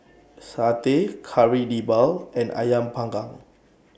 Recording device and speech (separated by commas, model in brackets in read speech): boundary microphone (BM630), read sentence